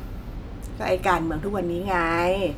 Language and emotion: Thai, frustrated